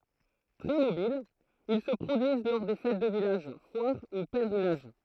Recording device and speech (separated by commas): throat microphone, read sentence